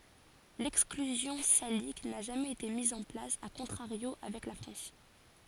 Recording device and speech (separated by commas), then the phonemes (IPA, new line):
forehead accelerometer, read sentence
lɛksklyzjɔ̃ salik na ʒamɛz ete miz ɑ̃ plas a kɔ̃tʁaʁjo avɛk la fʁɑ̃s